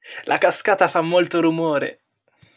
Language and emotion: Italian, happy